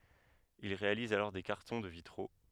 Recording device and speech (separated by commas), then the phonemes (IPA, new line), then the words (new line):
headset microphone, read sentence
il ʁealiz alɔʁ de kaʁtɔ̃ də vitʁo
Il réalise alors des cartons de vitraux.